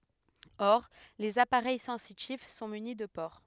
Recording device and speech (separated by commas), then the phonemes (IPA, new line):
headset microphone, read sentence
ɔʁ lez apaʁɛj sɑ̃sitif sɔ̃ myni də poʁ